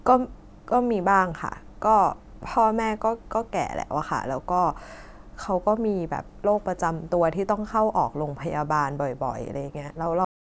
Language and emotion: Thai, frustrated